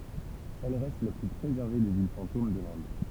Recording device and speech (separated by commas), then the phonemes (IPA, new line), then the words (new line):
temple vibration pickup, read sentence
ɛl ʁɛst la ply pʁezɛʁve de vil fɑ̃tom də lɛ̃d
Elle reste la plus préservée des villes fantômes de l'Inde.